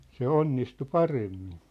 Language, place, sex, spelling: Finnish, Sippola, male, se onnistui paremmin
- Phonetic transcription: se "onnistu "paremmin .

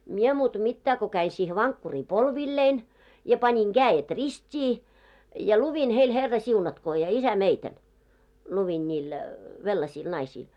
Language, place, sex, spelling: Finnish, Moloskovitsa, female, minä muuta mitään kun kävin siihen vankkuriin polvilleni ja panin kädet ristiin ja luin heille herrasiunatkoon ja isämeidän luin niille venäläisille naisille
- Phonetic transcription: mie 'muutᵃ 'mittää ko käi siihe 'vaŋkkurii "polvillein , ja pańiŋ 'ɢääjet "rist́ii , ja 'luvin heil 'herrasiunatkoo ja 'isä'meitän , luvin ńiil , 'vellasiil 'naisiil .

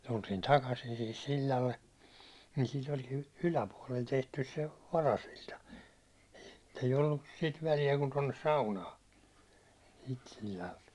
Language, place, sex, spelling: Finnish, Hollola, male, tultiin takaisin siihen sillalle niin siitä olikin yläpuolelle tehty se varasilta ei ollut sitä väliä kuin tuonne saunaan siitä sillalta
- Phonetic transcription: tultiin 'takasin sihis 'sil̜l̜alle , niin sit ‿oĺkin , 'yläpuaₒlel tehtys se , 'varasil̜ta , ei'j ‿ollus sit välijä kun tonnes 'saunaa , sit sil̜l̜alt .

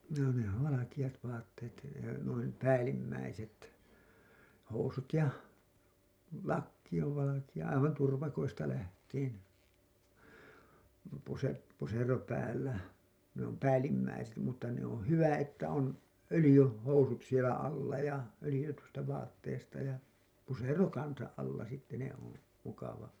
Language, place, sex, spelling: Finnish, Hailuoto, male, no ne on valkeat vaatteet noin päällimmäiset housut ja lakki on valkea aivan turvakoista lähtien - pusero päällä ne on päällimmäiset mutta ne on hyvä että on - öljyhousut siellä alla ja öljytystä vaatteesta ja pusero kanssa alla sitten ne on mukava
- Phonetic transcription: nò ne ‿ov "valakiʲat 'vaatteet , nuin , "päällimmäi-set , housut ja , 'lakki ov valakiʲa , aivan turvakoista läht̀iin , puse- , pusero päällä , ne ‿om "päällimmäiset mutta ne ‿on̬ 'hyvä että on 'ölĭjy- , -'housut sielä 'alla ja 'ölĭjytystä vaatteesta ja , 'pusero "kansa’ ’alla sitte ne ‿on , mukava .

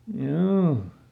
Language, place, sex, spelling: Finnish, Lieto, male, joo
- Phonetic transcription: ˈhjoo .

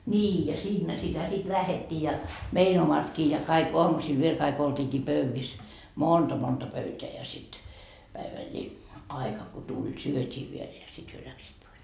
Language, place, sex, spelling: Finnish, Markkova, female, niin ja siinä sitä sitten lähdettiin ja meidän omatkin ja kaikki aamusilla vielä kaikki oltiinkin pöydissä monta pöytää ja sitten - päivällisaika kun tuli syötiin vielä ja sitten he lähtivät pois
- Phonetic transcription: ńii ja "siinnä sitä sit 'lähettii ja , 'mein ‿omatkii ja kaik 'oamusil 'viel kaik olt́iikii "pövvis , "monta 'pöyteä ja sit , 'päivälli- , aika ko 'tuĺ "syöt́ii viel ja 'sit hyö 'läksiit pois .

